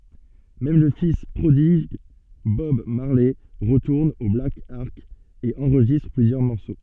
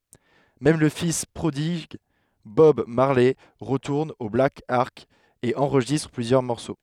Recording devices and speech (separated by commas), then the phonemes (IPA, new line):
soft in-ear microphone, headset microphone, read sentence
mɛm lə fis pʁodiɡ bɔb maʁlɛ ʁətuʁn o blak ɑʁk e ɑ̃ʁʒistʁ plyzjœʁ mɔʁso